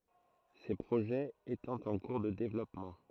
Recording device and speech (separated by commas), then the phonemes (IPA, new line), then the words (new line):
throat microphone, read sentence
se pʁoʒɛz etɑ̃ ɑ̃ kuʁ də devlɔpmɑ̃
Ces projets étant en cours de développement.